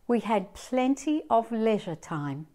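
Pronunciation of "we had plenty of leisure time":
In this sentence, 'leisure' is pronounced with a British accent.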